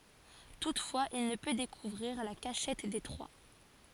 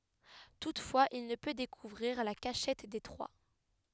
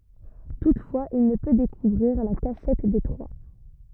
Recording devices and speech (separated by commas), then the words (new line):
forehead accelerometer, headset microphone, rigid in-ear microphone, read sentence
Toutefois, il ne peut découvrir la cachette des Trois.